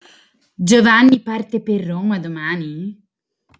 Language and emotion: Italian, surprised